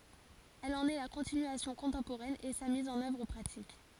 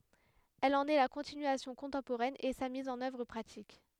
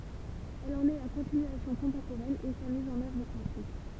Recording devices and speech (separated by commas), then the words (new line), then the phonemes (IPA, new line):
forehead accelerometer, headset microphone, temple vibration pickup, read sentence
Elle en est la continuation contemporaine et sa mise en œuvre pratique.
ɛl ɑ̃n ɛ la kɔ̃tinyasjɔ̃ kɔ̃tɑ̃poʁɛn e sa miz ɑ̃n œvʁ pʁatik